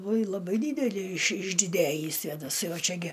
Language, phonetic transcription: Lithuanian, uoj laˈbai ˈdydeli iš išdiˈdejį svėdaˈsai o ˈčia gi

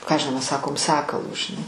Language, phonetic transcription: Lithuanian, ˈką aš žiˈnau ˈmes ˈsakom ˈsakalu žiˈnai

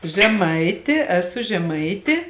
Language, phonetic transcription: Lithuanian, žeˈmaiti eˈsu žeˈmaitė

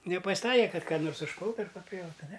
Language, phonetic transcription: Lithuanian, nepas'ˈtaikė ˈkad ˈką nors užˈpultu ar paˈpjautu ne

